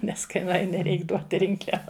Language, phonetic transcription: Lithuanian, nes ˈkai nuˈaini ˈreik ˈduot ˈrinkliava

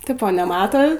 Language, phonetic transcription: Lithuanian, ˈtipo neˈmato

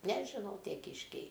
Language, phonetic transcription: Lithuanian, nežiˈnau ˈtie ˈkyškiai

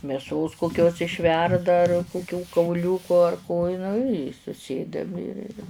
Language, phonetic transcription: Lithuanian, mėˈsos kokˈkios išˈverda ar kuˈkių kauˈliūku ar ko i nu i suˈsėdam ir ir

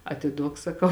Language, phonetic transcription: Lithuanian, atiˈduok saˈkau

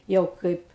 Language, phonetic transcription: Lithuanian, ˈjau ˈkaip

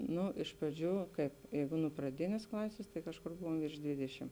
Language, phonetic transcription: Lithuanian, ˈnu iš praˈdžių ˈkaip ˈjeigu nu praˈdinės ˈklasės tai ˈkažˌkur ˈbuvom virš ˈdvidešim

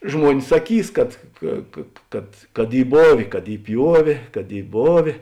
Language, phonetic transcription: Lithuanian, ˈžmuonis saˈkys kad ˈka ka ˈkad kad ˈy ˈbovė kad ˈy ˈpjuovė kad ˈy ˈbovė

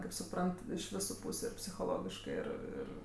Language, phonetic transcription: Lithuanian, kaip suˈprant iš ˈvisu ˈpūsiu ir psichoˈlogiškɜ ˈir ˈir

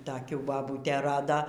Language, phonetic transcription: Lithuanian, toˈkių baˈbūtė ˈrado

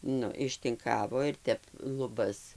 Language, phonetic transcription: Lithuanian, ˈnu ištinˈkavo ir ˈtep luˈbas

